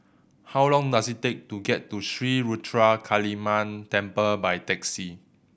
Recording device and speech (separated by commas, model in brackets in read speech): boundary microphone (BM630), read sentence